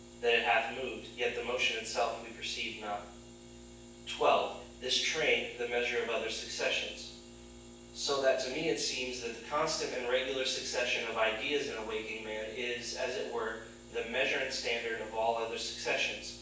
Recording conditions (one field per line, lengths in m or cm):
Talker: one person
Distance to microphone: 9.8 m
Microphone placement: far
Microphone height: 1.8 m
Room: large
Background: none